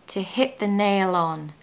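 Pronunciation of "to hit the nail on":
The L at the end of 'nail' is pronounced and blends into the next word, 'on'.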